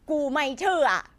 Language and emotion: Thai, neutral